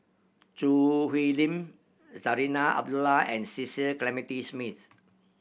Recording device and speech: boundary microphone (BM630), read sentence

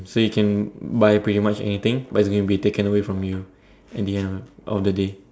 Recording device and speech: standing microphone, conversation in separate rooms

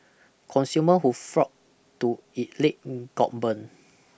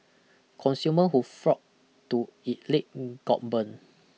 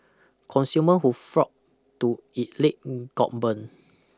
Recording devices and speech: boundary microphone (BM630), mobile phone (iPhone 6), close-talking microphone (WH20), read sentence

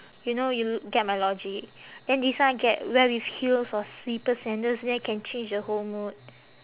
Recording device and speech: telephone, conversation in separate rooms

